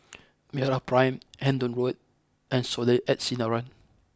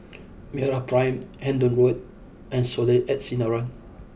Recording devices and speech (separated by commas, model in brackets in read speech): close-talking microphone (WH20), boundary microphone (BM630), read sentence